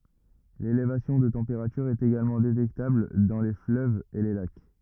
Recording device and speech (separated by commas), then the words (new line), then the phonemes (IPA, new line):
rigid in-ear microphone, read sentence
L'élévation de température est également détectable dans les fleuves et les lacs.
lelevasjɔ̃ də tɑ̃peʁatyʁ ɛt eɡalmɑ̃ detɛktabl dɑ̃ le fløvz e le lak